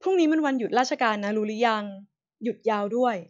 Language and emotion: Thai, neutral